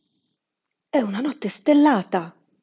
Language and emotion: Italian, surprised